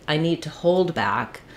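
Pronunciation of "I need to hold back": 'I need to hold back' is stressed the wrong way here: 'hold' gets the stress instead of 'back'.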